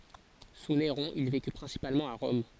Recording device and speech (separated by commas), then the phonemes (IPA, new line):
forehead accelerometer, read sentence
su neʁɔ̃ il veky pʁɛ̃sipalmɑ̃t a ʁɔm